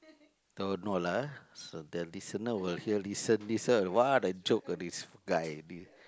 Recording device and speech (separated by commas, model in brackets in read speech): close-talking microphone, conversation in the same room